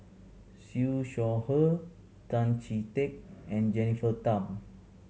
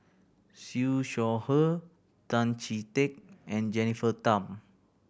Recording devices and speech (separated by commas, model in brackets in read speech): mobile phone (Samsung C7100), boundary microphone (BM630), read sentence